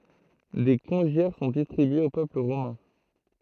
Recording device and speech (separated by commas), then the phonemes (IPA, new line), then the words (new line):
throat microphone, read sentence
de kɔ̃ʒjɛʁ sɔ̃ distʁibyez o pøpl ʁomɛ̃
Des congiaires sont distribués au peuple romain.